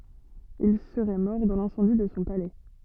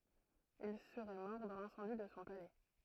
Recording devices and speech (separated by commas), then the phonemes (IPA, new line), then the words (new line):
soft in-ear microphone, throat microphone, read sentence
il səʁɛ mɔʁ dɑ̃ lɛ̃sɑ̃di də sɔ̃ palɛ
Il serait mort dans l'incendie de son palais.